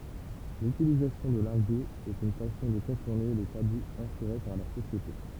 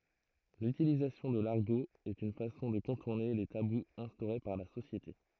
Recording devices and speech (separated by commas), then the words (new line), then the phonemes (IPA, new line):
temple vibration pickup, throat microphone, read sentence
L'utilisation de l'argot est une façon de contourner les tabous instaurés par la société.
lytilizasjɔ̃ də laʁɡo ɛt yn fasɔ̃ də kɔ̃tuʁne le tabuz ɛ̃stoʁe paʁ la sosjete